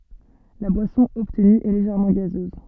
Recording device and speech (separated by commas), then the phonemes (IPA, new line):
soft in-ear microphone, read sentence
la bwasɔ̃ ɔbtny ɛ leʒɛʁmɑ̃ ɡazøz